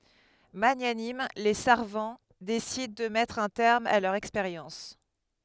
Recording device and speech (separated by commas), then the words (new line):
headset microphone, read sentence
Magnanimes, les Sarvants décident de mettre un terme à leurs expériences.